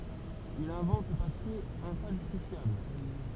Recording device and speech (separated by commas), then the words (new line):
temple vibration pickup, read sentence
Il invente le papier infalsifiable.